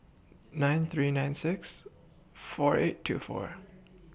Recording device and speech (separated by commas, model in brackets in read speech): boundary microphone (BM630), read sentence